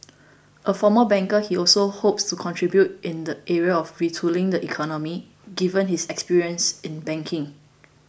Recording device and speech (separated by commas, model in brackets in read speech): boundary microphone (BM630), read sentence